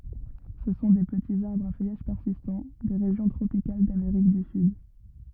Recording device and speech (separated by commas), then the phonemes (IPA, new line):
rigid in-ear microphone, read sentence
sə sɔ̃ de pətiz aʁbʁz a fœjaʒ pɛʁsistɑ̃ de ʁeʒjɔ̃ tʁopikal dameʁik dy syd